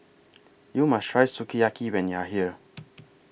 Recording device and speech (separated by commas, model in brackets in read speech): boundary microphone (BM630), read sentence